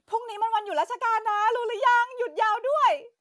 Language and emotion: Thai, happy